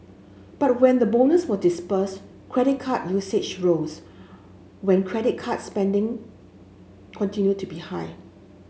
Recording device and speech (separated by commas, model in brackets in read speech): mobile phone (Samsung S8), read sentence